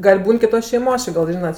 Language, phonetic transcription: Lithuanian, gal' ˈbūn kiˈtos šeiˈmos ˈči gal' ˈžynat

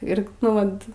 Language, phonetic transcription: Lithuanian, ˈir nu ˈvat

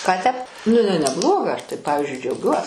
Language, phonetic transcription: Lithuanian, ˈką tep nu iˈnai neˈbloga ˈaš tai ˈpavizdžiui džiauˈgiuos

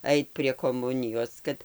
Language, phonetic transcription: Lithuanian, ˈait prie koˈmunijos ˈkad

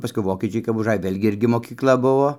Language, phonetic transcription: Lithuanian, paˈskui ˈvokiečiai kap užˈaj ˈvėlgi ˈirgi mokykˈla ˈbuvo

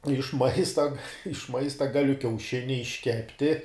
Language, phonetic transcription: Lithuanian, iš ˈmaista iš ˈmaista ˈgaliu kiauˈšini išˈkepti

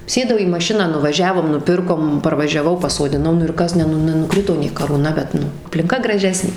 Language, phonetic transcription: Lithuanian, ˈsėdau į maˈšiną nuvaˈžiavom nuˈpirkom parvažiaˈvau pasodiˈnau ˈnu ir ˈkas ˈne ˈnu nenuˈkrito nė karūˈna bet ˈnu aplinˈka graˈžesnė

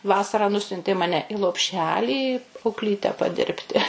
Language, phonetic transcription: Lithuanian, ˈvasarą ˈnusiuntė ˈmane i lopˈšelį aukˈlyte paˈdirbti

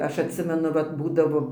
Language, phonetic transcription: Lithuanian, ˈaš atˈsimenu ˈvat ˈbūdavo

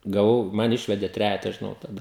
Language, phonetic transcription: Lithuanian, gaˈvau ˈman ˈišvedė ˈtrejeta žiˈnau taˈda

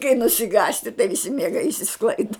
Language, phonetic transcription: Lithuanian, kai nusiˈgąsti tai viˈsi mieˈgai išsiˈsklaida

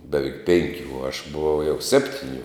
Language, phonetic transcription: Lithuanian, beˈveik ˈpenkiu u aš buˈvau jau ˈseptiˌniu

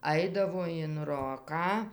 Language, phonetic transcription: Lithuanian, ˈaidavo in ˈroką

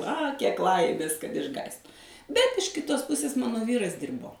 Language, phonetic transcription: Lithuanian, a kiek ˈlaimės kad išˈgąsd bet iš ˈkitos ˈpusės ˈmano ˈvyras ˈdyrbo

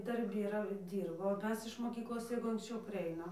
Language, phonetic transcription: Lithuanian, darˈbi yˈra ˈdyrbo o ˈmes iš moˈkyklos ˈjeigu anksˈčiau parˈeinam

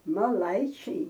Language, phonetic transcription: Lithuanian, maˈlaičiai

